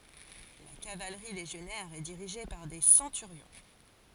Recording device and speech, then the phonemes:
forehead accelerometer, read sentence
la kavalʁi leʒjɔnɛʁ ɛ diʁiʒe paʁ de sɑ̃tyʁjɔ̃

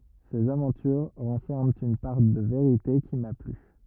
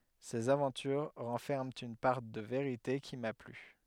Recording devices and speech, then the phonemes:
rigid in-ear microphone, headset microphone, read sentence
sez avɑ̃tyʁ ʁɑ̃fɛʁmɑ̃ yn paʁ də veʁite ki ma ply

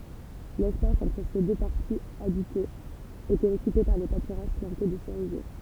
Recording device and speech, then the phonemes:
temple vibration pickup, read sentence
lɛspas ɑ̃tʁ se dø paʁtiz abitez etɛt ɔkype paʁ de patyʁaʒ plɑ̃te də səʁizje

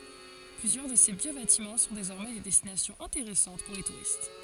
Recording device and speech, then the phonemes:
forehead accelerometer, read sentence
plyzjœʁ də se vjø batimɑ̃ sɔ̃ dezɔʁmɛ de dɛstinasjɔ̃z ɛ̃teʁɛsɑ̃t puʁ le tuʁist

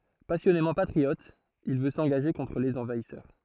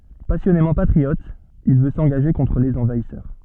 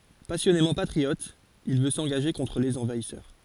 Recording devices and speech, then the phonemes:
throat microphone, soft in-ear microphone, forehead accelerometer, read sentence
pasjɔnemɑ̃ patʁiɔt il vø sɑ̃ɡaʒe kɔ̃tʁ lez ɑ̃vaisœʁ

